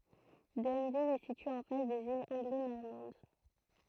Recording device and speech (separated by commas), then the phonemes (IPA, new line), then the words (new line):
throat microphone, read sentence
dɛnvil ɛ sitye ɑ̃ fas dez ilz ɑ̃ɡlo nɔʁmɑ̃d
Denneville est située en face des îles Anglo-Normandes.